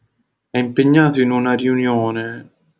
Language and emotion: Italian, sad